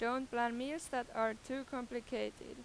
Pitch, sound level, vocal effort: 245 Hz, 91 dB SPL, loud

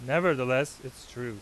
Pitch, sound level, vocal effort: 130 Hz, 93 dB SPL, loud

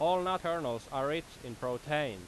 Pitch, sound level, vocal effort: 145 Hz, 94 dB SPL, very loud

